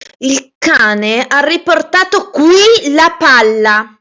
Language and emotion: Italian, angry